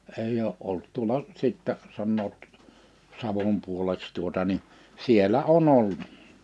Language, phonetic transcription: Finnish, 'eij ‿oo’ '’olt 'tuola , 'sittɛ , 'sannoot , 'Savom 'puoleks tuota ni , 'sielä 'o"n ‿ol(lu)t .
- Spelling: ei ole ollut tuolla sitten sanovat Savon puoleksi tuota niin siellä on ollut

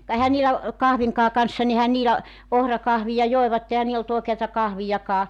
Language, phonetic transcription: Finnish, ka 'ehän niilä , "kahviŋkaa kanssa n[i] ‿ehän 'niilä , 'ohrakahvija 'joevatte ehä 'niil ‿ol't ‿òekeata 'kahvijakaa .
- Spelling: ka eihän niillä kahvinkaan kanssa niin eihän niillä ohrakahvia joivat eihän niillä ollut oikeata kahviakaan

